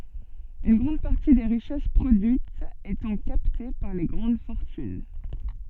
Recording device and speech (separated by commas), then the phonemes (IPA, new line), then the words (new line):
soft in-ear microphone, read sentence
yn ɡʁɑ̃d paʁti de ʁiʃɛs pʁodyitz etɑ̃ kapte paʁ le ɡʁɑ̃d fɔʁtyn
Une grande partie des richesses produites étant captées par les grandes fortunes.